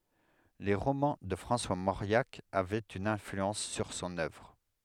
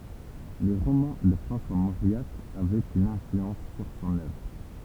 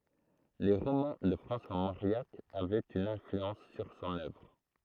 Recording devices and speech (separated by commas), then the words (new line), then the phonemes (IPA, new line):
headset microphone, temple vibration pickup, throat microphone, read sentence
Les romans de François Mauriac avaient une influence sur son œuvre.
le ʁomɑ̃ də fʁɑ̃swa moʁjak avɛt yn ɛ̃flyɑ̃s syʁ sɔ̃n œvʁ